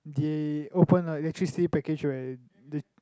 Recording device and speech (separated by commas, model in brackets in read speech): close-talking microphone, conversation in the same room